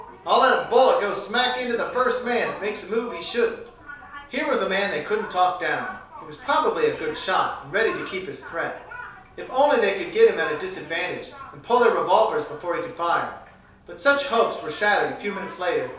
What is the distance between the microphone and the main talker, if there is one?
3.0 m.